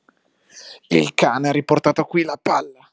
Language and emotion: Italian, angry